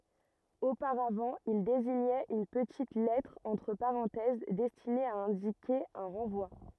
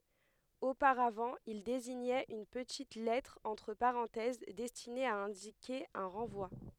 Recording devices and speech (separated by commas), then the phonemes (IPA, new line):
rigid in-ear microphone, headset microphone, read sentence
opaʁavɑ̃ il deziɲɛt yn pətit lɛtʁ ɑ̃tʁ paʁɑ̃tɛz dɛstine a ɛ̃dike œ̃ ʁɑ̃vwa